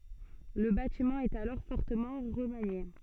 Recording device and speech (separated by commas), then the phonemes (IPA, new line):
soft in-ear microphone, read sentence
lə batimɑ̃ ɛt alɔʁ fɔʁtəmɑ̃ ʁəmanje